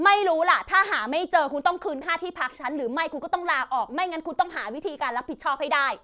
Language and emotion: Thai, angry